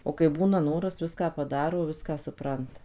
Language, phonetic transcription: Lithuanian, o kai ˈbūna ˈnoras ˈviską paˈdaro ˈviską suˈpranta

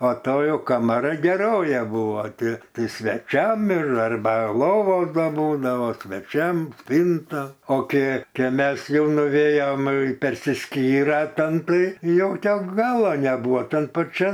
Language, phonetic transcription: Lithuanian, o ˈtoj jau kamaˈroj geˈroja ˈbūvo ˈti ˈtai sveˈčiam ir arˈba ˈlovos ˈda ˈbūdavo sveˈčiam ˈspynta o ˈkė ˈkė ˈmes ˈjau nuˈvėjom persiˈskyra ˈten tai ˈjau ten ˈgala neˈbūva ˈtan paˈčian

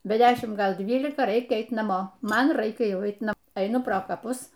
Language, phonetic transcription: Lithuanian, be ˈdešim ˈgal ˈdvylikaˈraikia ˈeit naˈmo ˈman ˈraikia ˈjauˈait naˈmo eiˈnu pro kaˈpus

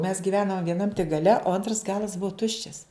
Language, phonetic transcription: Lithuanian, mes giˈvenam vieˈnam tik gaˈle o ˈantras ˈgalas ˈbuo ˈtuščias

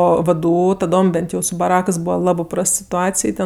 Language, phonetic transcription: Lithuanian, ˈo vdˈū taˈdom ˈbent jau su baˈrakɜs ˈbūva ˈlabɜ ˈprast situˈacij ˈten

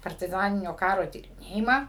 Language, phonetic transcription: Lithuanian, partiˈzaninio ˈkaro tyriˈnėjimą

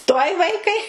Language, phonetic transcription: Lithuanian, tuoj ˈvaikai

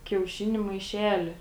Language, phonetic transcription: Lithuanian, kiauˈšiniu maiˈšeli

